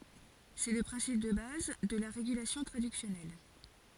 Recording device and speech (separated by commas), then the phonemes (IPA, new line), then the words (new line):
forehead accelerometer, read sentence
sɛ lə pʁɛ̃sip də baz də la ʁeɡylasjɔ̃ tʁadyksjɔnɛl
C'est le principe de base de la régulation traductionnelle.